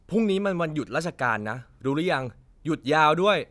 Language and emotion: Thai, frustrated